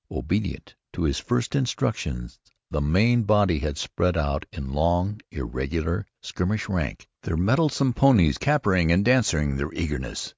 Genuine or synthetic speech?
genuine